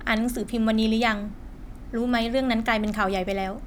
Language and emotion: Thai, neutral